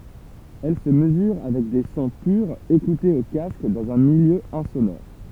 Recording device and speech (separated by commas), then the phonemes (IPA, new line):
temple vibration pickup, read sentence
ɛl sə məzyʁ avɛk de sɔ̃ pyʁz ekutez o kask dɑ̃z œ̃ miljø ɛ̃sonɔʁ